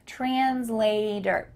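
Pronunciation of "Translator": In 'translator', the t in the middle of the word sounds like a d, as in American English.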